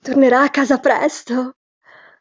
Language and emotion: Italian, happy